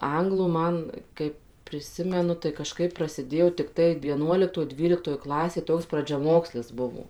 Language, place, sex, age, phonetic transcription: Lithuanian, Suvalkija, female, 18-60, ˈanglų ˈman kaip priˈsimenu tai kaˈžkaip prasiˈdėjo tikˈtai vieˈnuoliktoj ˈdvyliktoj ˈklasėj ˈtoks pradžiaˈmokslis ˈbuvo

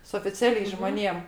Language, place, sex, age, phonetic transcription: Lithuanian, Aukštaitija, female, 60+, su ofiˈcialiais žmoˈnėm

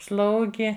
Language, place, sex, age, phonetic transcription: Lithuanian, Žemaitija, female, 60+, ˈslaugi

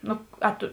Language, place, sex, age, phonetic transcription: Lithuanian, Žemaitija, female, 18-60, ˈnu a ˈtu

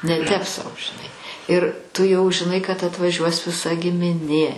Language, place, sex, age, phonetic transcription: Lithuanian, Aukštaitija, female, 60+, ne ˈtep sau žiˈnai ir tu jau žiˈnai kad atvaˈžiuos viˈsa gimiˈnė

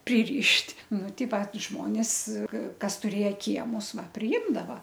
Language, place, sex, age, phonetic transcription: Lithuanian, Aukštaitija, female, 60+, priˈrišt' ˈnu ˈti ˈva ˈžmonės ir ˈkas tuˈrėja ˈkiemus ˈva priˈimdava

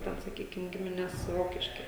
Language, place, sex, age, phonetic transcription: Lithuanian, Žemaitija, female, 18-60, ˈten saˈkykim ˈgimines ˈrokiški

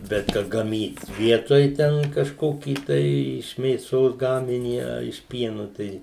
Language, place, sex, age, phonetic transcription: Lithuanian, Suvalkija, male, 60+, ˈbet ka gaˈmyt ˈvietoj ˈten kažˈkokį tai iš mėˈsos ˈgaminį a iš ˈpienu ˈtai

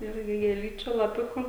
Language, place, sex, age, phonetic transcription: Lithuanian, Žemaitija, female, 18-60, ˈirgi gėˈlyčiu laˈpiuku

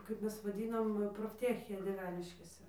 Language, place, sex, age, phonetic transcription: Lithuanian, Dzūkija, female, 18-60, kaip ˈmes vaˈdinam jau profˈtechė dieˈveniškėse

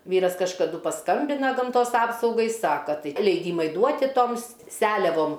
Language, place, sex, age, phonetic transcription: Lithuanian, Aukštaitija, female, 60+, ˈvyras kažkaˈdu paˈskambina gamˈtos ˈapsaugai ˈsaka ˈtai leiˈdymai ˈduoti ˈtoms ˈseliavom

